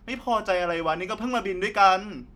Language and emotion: Thai, angry